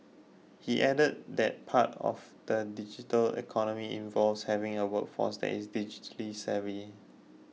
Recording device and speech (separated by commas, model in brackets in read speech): mobile phone (iPhone 6), read sentence